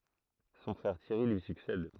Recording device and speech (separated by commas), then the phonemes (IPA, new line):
throat microphone, read sentence
sɔ̃ fʁɛʁ tjɛʁi lyi syksɛd